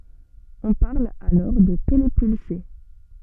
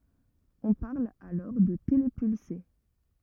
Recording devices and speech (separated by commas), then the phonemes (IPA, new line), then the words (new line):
soft in-ear microphone, rigid in-ear microphone, read sentence
ɔ̃ paʁl alɔʁ də telepylse
On parle alors de télépulsé.